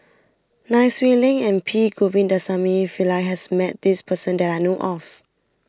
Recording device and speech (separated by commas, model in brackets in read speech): standing microphone (AKG C214), read sentence